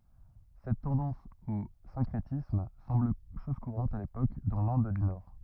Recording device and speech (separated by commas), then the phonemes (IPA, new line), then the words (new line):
rigid in-ear microphone, read sentence
sɛt tɑ̃dɑ̃s o sɛ̃kʁetism sɑ̃bl ʃɔz kuʁɑ̃t a lepok dɑ̃ lɛ̃d dy nɔʁ
Cette tendance au syncrétisme semble chose courante à l'époque dans l'Inde du nord.